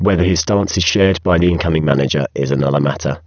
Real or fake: fake